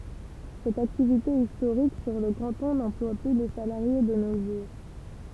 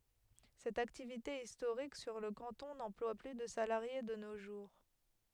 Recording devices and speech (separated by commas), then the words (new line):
temple vibration pickup, headset microphone, read sentence
Cette activité historique sur le canton n'emploie plus de salariés de nos jours.